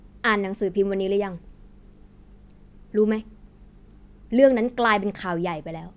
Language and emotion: Thai, frustrated